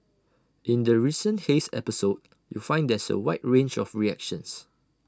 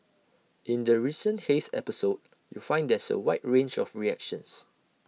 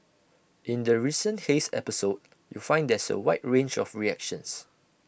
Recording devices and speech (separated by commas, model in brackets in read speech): standing microphone (AKG C214), mobile phone (iPhone 6), boundary microphone (BM630), read sentence